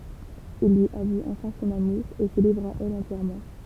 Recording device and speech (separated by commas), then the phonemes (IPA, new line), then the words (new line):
temple vibration pickup, read sentence
il lyi avu ɑ̃fɛ̃ sɔ̃n amuʁ e sə livʁ a ɛl ɑ̃tjɛʁmɑ̃
Il lui avoue enfin son amour, et se livre à elle entièrement.